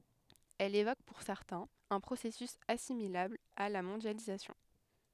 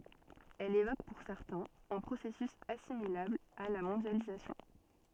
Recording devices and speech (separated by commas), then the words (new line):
headset microphone, soft in-ear microphone, read sentence
Elle évoque pour certains un processus assimilable à la mondialisation.